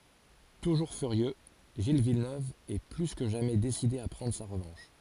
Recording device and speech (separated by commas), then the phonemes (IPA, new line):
forehead accelerometer, read sentence
tuʒuʁ fyʁjø ʒil vilnøv ɛ ply kə ʒamɛ deside a pʁɑ̃dʁ sa ʁəvɑ̃ʃ